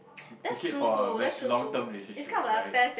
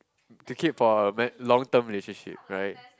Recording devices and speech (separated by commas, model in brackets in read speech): boundary microphone, close-talking microphone, conversation in the same room